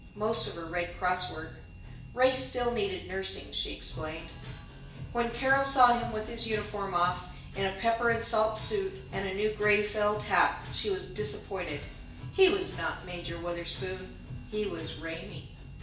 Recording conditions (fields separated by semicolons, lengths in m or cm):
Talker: one person; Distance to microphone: 1.8 m; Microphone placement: close; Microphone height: 1.0 m; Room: large; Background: music